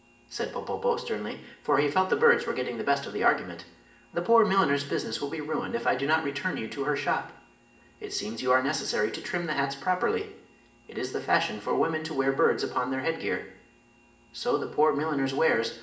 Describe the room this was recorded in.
A big room.